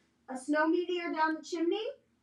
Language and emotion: English, neutral